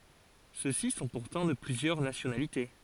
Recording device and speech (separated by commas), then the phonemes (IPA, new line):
forehead accelerometer, read sentence
søksi sɔ̃ puʁtɑ̃ də plyzjœʁ nasjonalite